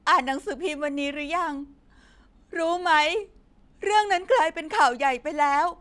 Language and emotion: Thai, sad